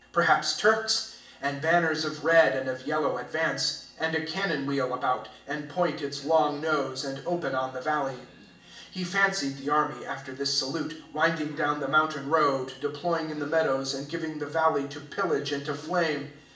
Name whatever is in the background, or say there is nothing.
A television.